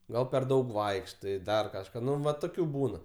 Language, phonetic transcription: Lithuanian, ˈgal per ˈdaug ˈvaikštai ˈdar kažˈką ˈnu va toˈkių ˈbūna

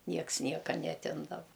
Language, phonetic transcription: Lithuanian, ˈnieks ˈnieka neaˈtimdava

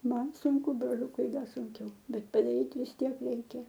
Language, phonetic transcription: Lithuanian, ˈman sunˈku broˈliukui ˈda sunˈkiau ˈbet padaˈryt vis ˈtiek ˈreikia

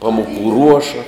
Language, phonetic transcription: Lithuanian, ˈpamuˌkų ˈruoša

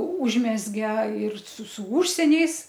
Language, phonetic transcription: Lithuanian, ˈūžmezge ir su su ˈūžsieniais

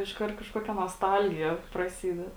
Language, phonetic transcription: Lithuanian, išˈkart kažˈkokia nosˈtalgija praˈsyded

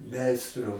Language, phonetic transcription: Lithuanian, ˈmeistru

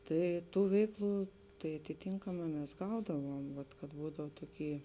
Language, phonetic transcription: Lithuanian, ˈtai ˈtų ˈveikˌlų tai atiˈtynkamā mes ˈgaudavuom vat kad ˈbūdav ˈtoˌky

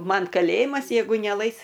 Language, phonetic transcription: Lithuanian, ˈman kaˈlėjimas jeiˈgu neˈlais

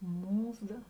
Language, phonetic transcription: Lithuanian, ˈmūˌza

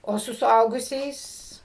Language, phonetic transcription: Lithuanian, o ˈsu suˈaugusiais

